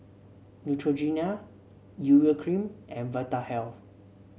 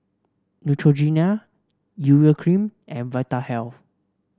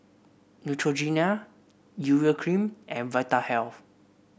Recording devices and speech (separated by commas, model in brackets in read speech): mobile phone (Samsung C7), standing microphone (AKG C214), boundary microphone (BM630), read sentence